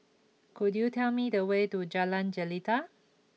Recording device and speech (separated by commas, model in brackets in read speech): mobile phone (iPhone 6), read sentence